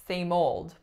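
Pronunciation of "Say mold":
In 'say mold', the stress is on 'mold'.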